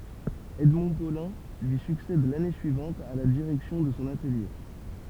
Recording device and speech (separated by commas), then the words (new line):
temple vibration pickup, read sentence
Edmond Paulin lui succède l'année suivante à la direction de son atelier.